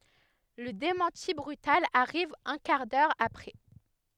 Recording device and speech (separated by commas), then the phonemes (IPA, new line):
headset microphone, read sentence
lə demɑ̃ti bʁytal aʁiv œ̃ kaʁ dœʁ apʁɛ